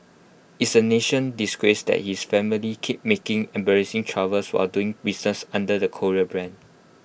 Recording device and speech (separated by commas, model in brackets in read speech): boundary microphone (BM630), read sentence